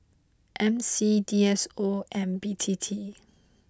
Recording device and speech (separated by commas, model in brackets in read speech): close-talking microphone (WH20), read sentence